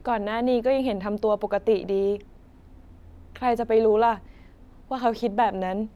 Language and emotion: Thai, sad